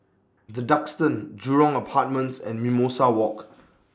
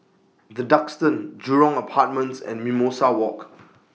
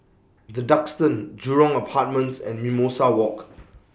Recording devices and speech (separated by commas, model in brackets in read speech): standing microphone (AKG C214), mobile phone (iPhone 6), boundary microphone (BM630), read sentence